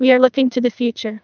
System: TTS, neural waveform model